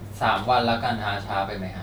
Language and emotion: Thai, neutral